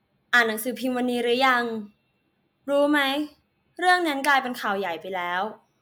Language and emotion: Thai, neutral